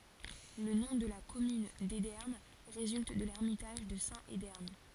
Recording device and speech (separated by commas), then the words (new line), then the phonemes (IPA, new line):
forehead accelerometer, read sentence
Le nom de la commune d'Edern résulte de l'ermitage de saint Edern.
lə nɔ̃ də la kɔmyn dedɛʁn ʁezylt də lɛʁmitaʒ də sɛ̃t edɛʁn